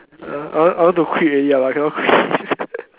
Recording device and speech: telephone, conversation in separate rooms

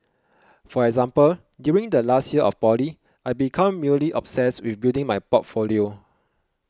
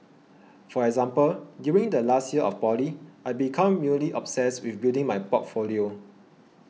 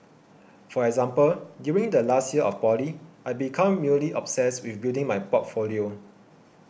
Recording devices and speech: close-talking microphone (WH20), mobile phone (iPhone 6), boundary microphone (BM630), read sentence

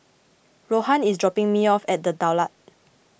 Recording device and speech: boundary microphone (BM630), read sentence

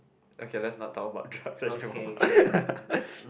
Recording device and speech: boundary microphone, conversation in the same room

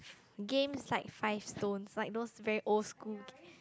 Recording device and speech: close-talking microphone, conversation in the same room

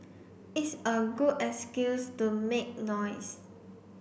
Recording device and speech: boundary microphone (BM630), read sentence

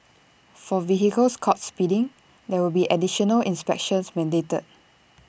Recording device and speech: boundary microphone (BM630), read sentence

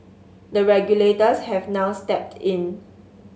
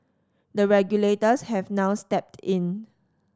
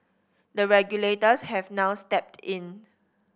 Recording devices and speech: mobile phone (Samsung S8), standing microphone (AKG C214), boundary microphone (BM630), read sentence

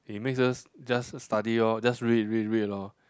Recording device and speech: close-talking microphone, conversation in the same room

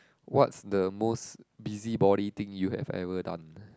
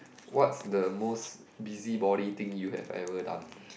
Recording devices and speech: close-talking microphone, boundary microphone, conversation in the same room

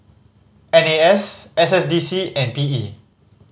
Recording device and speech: mobile phone (Samsung C5010), read sentence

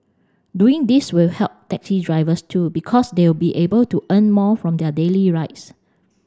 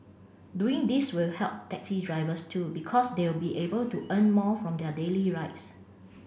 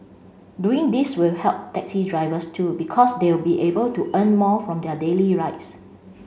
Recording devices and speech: standing microphone (AKG C214), boundary microphone (BM630), mobile phone (Samsung C5), read sentence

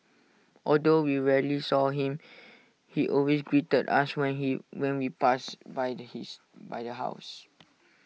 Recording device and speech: mobile phone (iPhone 6), read sentence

